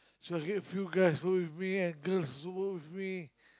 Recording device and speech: close-talking microphone, conversation in the same room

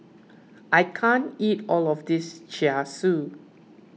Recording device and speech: mobile phone (iPhone 6), read sentence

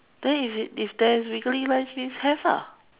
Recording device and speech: telephone, conversation in separate rooms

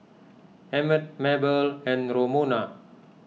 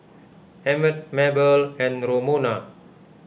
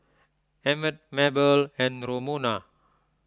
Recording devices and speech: mobile phone (iPhone 6), boundary microphone (BM630), close-talking microphone (WH20), read sentence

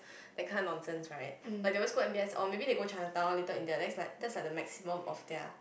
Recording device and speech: boundary microphone, conversation in the same room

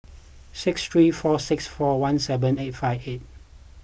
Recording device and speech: boundary microphone (BM630), read sentence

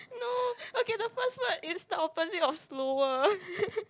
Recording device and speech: close-talking microphone, conversation in the same room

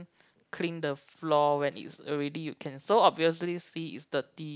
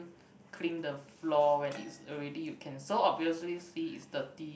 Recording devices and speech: close-talking microphone, boundary microphone, conversation in the same room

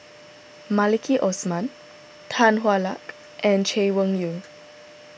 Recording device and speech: boundary microphone (BM630), read sentence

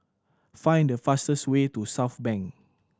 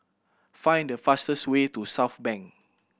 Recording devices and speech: standing microphone (AKG C214), boundary microphone (BM630), read sentence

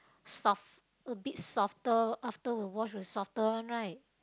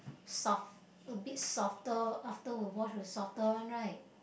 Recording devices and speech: close-talking microphone, boundary microphone, conversation in the same room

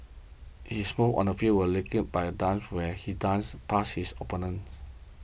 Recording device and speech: boundary microphone (BM630), read sentence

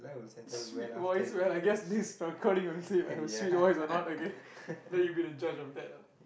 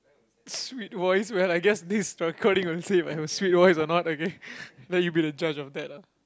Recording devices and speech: boundary microphone, close-talking microphone, conversation in the same room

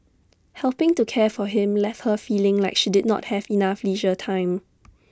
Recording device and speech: standing microphone (AKG C214), read sentence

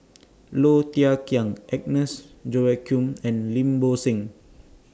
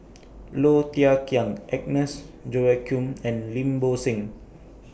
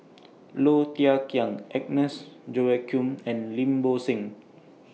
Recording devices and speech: standing microphone (AKG C214), boundary microphone (BM630), mobile phone (iPhone 6), read sentence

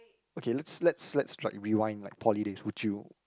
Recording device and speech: close-talking microphone, conversation in the same room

